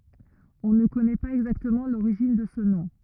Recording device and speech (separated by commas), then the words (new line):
rigid in-ear microphone, read sentence
On ne connaît pas exactement l'origine de ce nom.